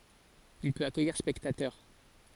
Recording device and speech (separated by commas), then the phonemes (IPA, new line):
forehead accelerometer, read sentence
il pøt akœjiʁ spɛktatœʁ